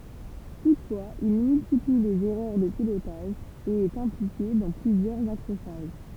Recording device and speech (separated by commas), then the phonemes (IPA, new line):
temple vibration pickup, read sentence
tutfwaz il myltipli lez ɛʁœʁ də pilotaʒ e ɛt ɛ̃plike dɑ̃ plyzjœʁz akʁoʃaʒ